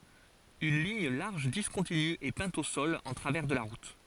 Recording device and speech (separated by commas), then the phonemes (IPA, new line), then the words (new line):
forehead accelerometer, read sentence
yn liɲ laʁʒ diskɔ̃tiny ɛ pɛ̃t o sɔl ɑ̃ tʁavɛʁ də la ʁut
Une ligne large discontinue est peinte au sol en travers de la route.